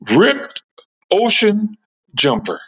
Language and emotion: English, disgusted